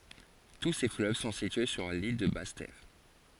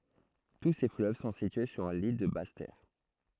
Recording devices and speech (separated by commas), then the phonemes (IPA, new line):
forehead accelerometer, throat microphone, read sentence
tu se fløv sɔ̃ sitye syʁ lil də bas tɛʁ